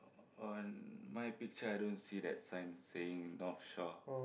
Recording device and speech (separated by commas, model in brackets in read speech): boundary microphone, conversation in the same room